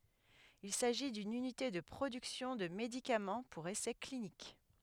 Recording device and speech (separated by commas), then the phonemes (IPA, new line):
headset microphone, read sentence
il saʒi dyn ynite də pʁodyksjɔ̃ də medikamɑ̃ puʁ esɛ klinik